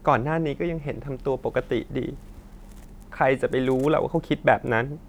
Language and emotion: Thai, sad